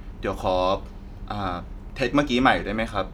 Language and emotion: Thai, frustrated